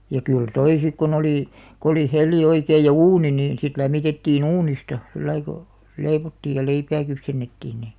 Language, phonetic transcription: Finnish, ja 'kyl "toi sik kon ‿olì , k ‿oli "hel̆li 'oikeij ja "uuni niin sit 'lämmitettii"n ‿uunista , 'sillai ko , "leivottiij ja 'leipää 'kypsennettiin ni ,.
- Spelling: ja kyllä tuo sitten kun oli kun oli hella oikein ja uuni niin sitten lämmitettiin uunista sillä lailla kun leivottiin ja leipää kypsennettiin niin

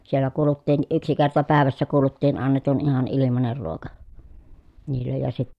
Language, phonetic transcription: Finnish, siellä kuuluttiin ʼyksi kerta pä̀evässä kuuluttiin annetun ihan ilimaner ruoka , niillej ja si-
- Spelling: siellä kuuluttiin yksi kerta päivässä kuuluttiin annetun ihan ilmainen ruoka niille ja -

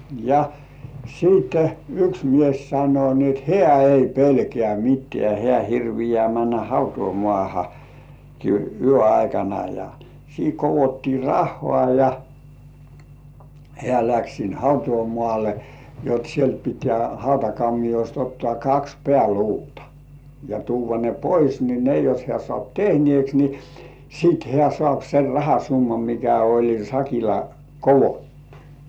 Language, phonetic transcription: Finnish, ja 'siitte , "yks 'mies sano ni ‿et "heä 'ei "pelkĕä̀ "mit́§tĕä̀ 'hĕä̀§ hirvijĕä̀§ männä "hautuumoàha , -ki yö aikana ja , 'siiŋ kovotti "rahhoà ja , 'hĕä̀§ läks sin "hautuumŏàle , jot sielt pitĕä 'hautakammijost ottŏà "kaks 'pĕä̀"luutᴀ , ja 'tuuvva ne "pois ni 'ne jos hĕä̀ sŏàp "tehnièks ni , 'sit hĕä̀§ sŏ§àp ser "rahasummam mikä oĺ sakila "kovottu .
- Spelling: ja sitten yksi mies sanoi niin että hän ei pelkää mitään hän hirviää mennä - hautausmaahankin yön aikana ja siinä koottiin rahaa ja hän lähti sinne hautausmaalle jotta sieltä pitää hautakammiosta ottaa kaksi pääluuta ja tuoda ne pois niin ne jos hän saa tehneeksi niin sitten hän saa sen rahasumman mikä oli sakilla koottu

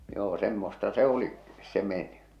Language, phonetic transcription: Finnish, 'joo 'semmosta 'se 'o̭li , 'se mènʸ- .
- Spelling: joo semmoista se oli se -

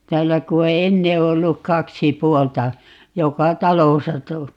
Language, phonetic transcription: Finnish, "täällä ku o "enne 'ollu "kaksi "puolta , 'joka "talosa to - ,.
- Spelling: täällä kun on ennen ollut kaksi puolta joka talossa -

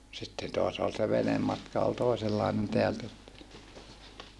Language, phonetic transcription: Finnish, sitten toas ol se venemmatka ol tòisellainen teältä sitte .
- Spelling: sitten taas oli se venematka oli toisenlainen täältä sitten

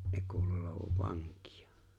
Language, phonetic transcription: Finnish, 'ne kuul(u) olovav "vaŋk̀ɪᴀ .
- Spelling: ne kuuluu olevan vankeja

